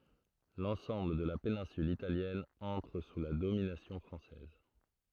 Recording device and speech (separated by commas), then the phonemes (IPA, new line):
throat microphone, read sentence
lɑ̃sɑ̃bl də la penɛ̃syl italjɛn ɑ̃tʁ su la dominasjɔ̃ fʁɑ̃sɛz